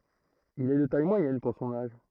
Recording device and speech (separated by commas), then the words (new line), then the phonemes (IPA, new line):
throat microphone, read sentence
Il est de taille moyenne pour son âge.
il ɛ də taj mwajɛn puʁ sɔ̃n aʒ